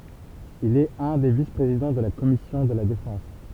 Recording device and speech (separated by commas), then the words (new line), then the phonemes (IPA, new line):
temple vibration pickup, read sentence
Il est un des vice-présidents de la commission de la Défense.
il ɛt œ̃ de vispʁezidɑ̃ də la kɔmisjɔ̃ də la defɑ̃s